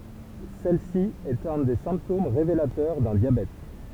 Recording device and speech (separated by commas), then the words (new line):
temple vibration pickup, read sentence
Celle-ci est un des symptômes révélateurs d'un diabète.